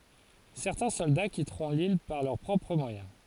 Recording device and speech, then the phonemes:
forehead accelerometer, read sentence
sɛʁtɛ̃ sɔlda kitʁɔ̃ lil paʁ lœʁ pʁɔpʁ mwajɛ̃

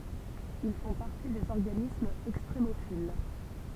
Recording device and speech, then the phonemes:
temple vibration pickup, read sentence
il fɔ̃ paʁti dez ɔʁɡanismz ɛkstʁemofil

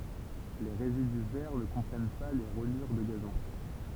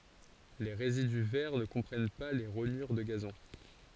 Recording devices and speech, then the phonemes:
temple vibration pickup, forehead accelerometer, read sentence
le ʁezidy vɛʁ nə kɔ̃pʁɛn pa le ʁoɲyʁ də ɡazɔ̃

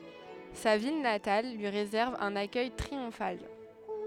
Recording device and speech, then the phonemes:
headset microphone, read sentence
sa vil natal lyi ʁezɛʁv œ̃n akœj tʁiɔ̃fal

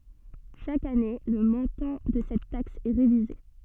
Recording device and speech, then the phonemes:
soft in-ear microphone, read sentence
ʃak ane lə mɔ̃tɑ̃ də sɛt taks ɛ ʁevize

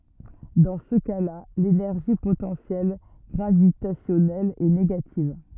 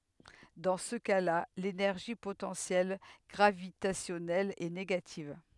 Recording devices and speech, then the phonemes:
rigid in-ear microphone, headset microphone, read sentence
dɑ̃ sə kasla lenɛʁʒi potɑ̃sjɛl ɡʁavitasjɔnɛl ɛ neɡativ

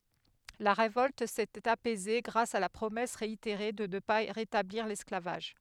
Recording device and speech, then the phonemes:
headset microphone, read sentence
la ʁevɔlt setɛt apɛze ɡʁas a la pʁomɛs ʁeiteʁe də nə pa ʁetabliʁ lɛsklavaʒ

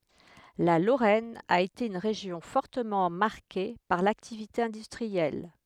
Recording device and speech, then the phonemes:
headset microphone, read sentence
la loʁɛn a ete yn ʁeʒjɔ̃ fɔʁtəmɑ̃ maʁke paʁ laktivite ɛ̃dystʁiɛl

